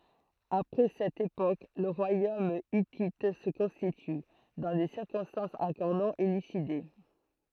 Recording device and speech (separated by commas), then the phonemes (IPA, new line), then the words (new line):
throat microphone, read sentence
apʁɛ sɛt epok lə ʁwajom itit sə kɔ̃stity dɑ̃ de siʁkɔ̃stɑ̃sz ɑ̃kɔʁ nɔ̃ elyside
Après cette époque, le royaume hittite se constitue, dans des circonstances encore non élucidées.